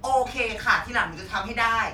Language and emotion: Thai, frustrated